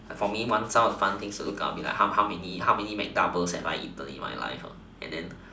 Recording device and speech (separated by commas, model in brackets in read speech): standing microphone, conversation in separate rooms